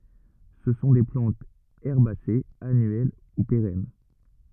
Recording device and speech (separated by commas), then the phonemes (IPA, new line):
rigid in-ear microphone, read sentence
sə sɔ̃ de plɑ̃tz ɛʁbasez anyɛl u peʁɛn